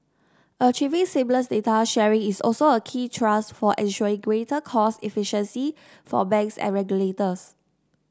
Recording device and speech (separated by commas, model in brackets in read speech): standing microphone (AKG C214), read sentence